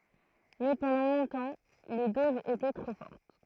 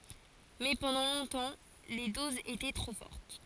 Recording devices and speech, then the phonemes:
throat microphone, forehead accelerometer, read sentence
mɛ pɑ̃dɑ̃ lɔ̃tɑ̃ le dozz etɛ tʁo fɔʁt

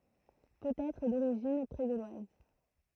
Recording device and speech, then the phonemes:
throat microphone, read sentence
pøt ɛtʁ doʁiʒin pʁe ɡolwaz

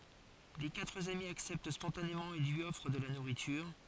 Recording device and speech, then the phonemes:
forehead accelerometer, read sentence
le katʁ ami aksɛpt spɔ̃tanemɑ̃ e lyi ɔfʁ də la nuʁityʁ

